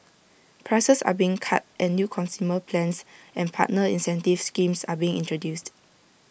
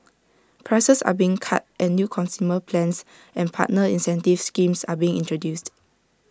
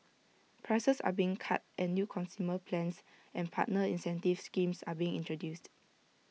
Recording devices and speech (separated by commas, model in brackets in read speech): boundary microphone (BM630), standing microphone (AKG C214), mobile phone (iPhone 6), read sentence